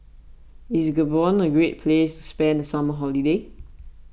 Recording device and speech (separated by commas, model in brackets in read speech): boundary microphone (BM630), read sentence